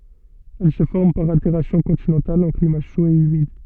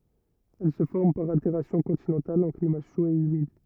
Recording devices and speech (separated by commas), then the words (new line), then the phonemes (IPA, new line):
soft in-ear microphone, rigid in-ear microphone, read sentence
Elle se forme par altération continentale en climat chaud et humide.
ɛl sə fɔʁm paʁ alteʁasjɔ̃ kɔ̃tinɑ̃tal ɑ̃ klima ʃo e ymid